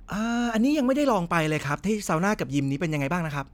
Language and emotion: Thai, neutral